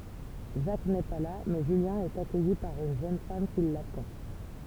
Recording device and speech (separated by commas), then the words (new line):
temple vibration pickup, read sentence
Jacques n'est pas là, mais Julien est accueilli par une jeune femme qui l'attend.